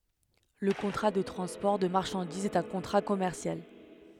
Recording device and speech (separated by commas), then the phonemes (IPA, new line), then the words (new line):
headset microphone, read sentence
lə kɔ̃tʁa də tʁɑ̃spɔʁ də maʁʃɑ̃dizz ɛt œ̃ kɔ̃tʁa kɔmɛʁsjal
Le contrat de transport de marchandises est un contrat commercial.